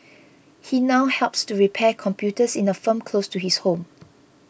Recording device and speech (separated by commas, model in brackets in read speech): boundary microphone (BM630), read sentence